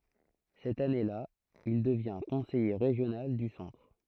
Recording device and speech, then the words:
throat microphone, read sentence
Cette année-là, il devient conseiller régional du Centre.

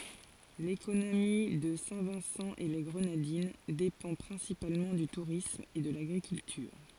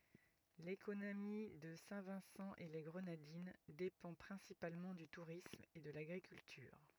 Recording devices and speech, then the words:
forehead accelerometer, rigid in-ear microphone, read sentence
L'économie de Saint-Vincent-et-les-Grenadines dépend principalement du tourisme et de l'agriculture.

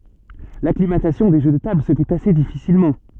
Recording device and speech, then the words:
soft in-ear microphone, read sentence
L'acclimatation des jeux de tables se fait assez difficilement.

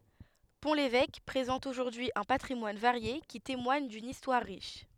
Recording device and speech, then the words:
headset microphone, read sentence
Pont-l'Évêque présente aujourd'hui un patrimoine varié qui témoigne d'une histoire riche.

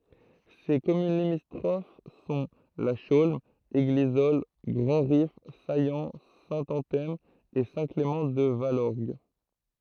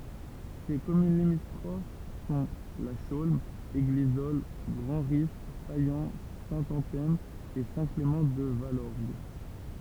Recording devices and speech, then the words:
throat microphone, temple vibration pickup, read sentence
Ses communes limitrophes sont La Chaulme, Églisolles, Grandrif, Saillant, Saint-Anthème et Saint-Clément-de-Valorgue.

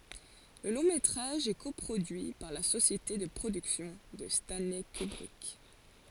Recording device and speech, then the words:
forehead accelerometer, read sentence
Le long-métrage est co-produit par la société de production de Stanley Kubrick.

